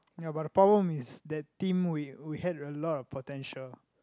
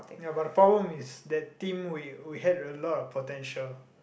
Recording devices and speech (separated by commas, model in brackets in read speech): close-talking microphone, boundary microphone, conversation in the same room